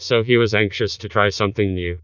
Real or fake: fake